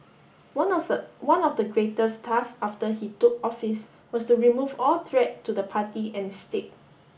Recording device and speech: boundary microphone (BM630), read sentence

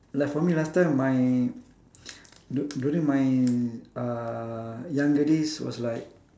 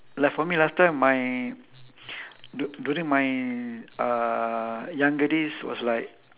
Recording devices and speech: standing microphone, telephone, conversation in separate rooms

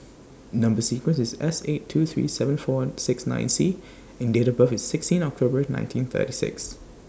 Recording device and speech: standing microphone (AKG C214), read sentence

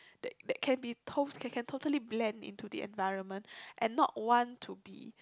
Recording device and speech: close-talking microphone, conversation in the same room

